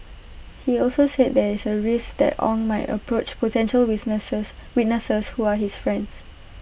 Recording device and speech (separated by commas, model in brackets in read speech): boundary microphone (BM630), read sentence